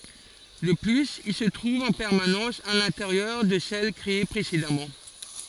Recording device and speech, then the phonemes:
forehead accelerometer, read sentence
də plyz il sə tʁuv ɑ̃ pɛʁmanɑ̃s a lɛ̃teʁjœʁ də sɛl kʁee pʁesedamɑ̃

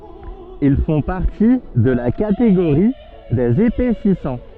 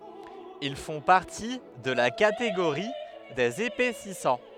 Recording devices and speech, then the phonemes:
soft in-ear microphone, headset microphone, read sentence
il fɔ̃ paʁti də la kateɡoʁi dez epɛsisɑ̃

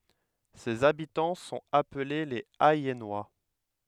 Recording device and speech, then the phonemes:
headset microphone, read sentence
sez abitɑ̃ sɔ̃t aple lez ɛjɛnwa

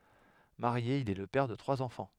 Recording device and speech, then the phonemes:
headset microphone, read sentence
maʁje il ɛ lə pɛʁ də tʁwaz ɑ̃fɑ̃

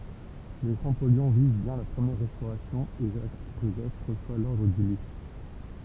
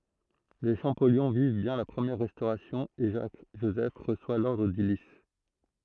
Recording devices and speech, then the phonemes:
temple vibration pickup, throat microphone, read sentence
le ʃɑ̃pɔljɔ̃ viv bjɛ̃ la pʁəmjɛʁ ʁɛstoʁasjɔ̃ e ʒak ʒozɛf ʁəswa lɔʁdʁ dy lis

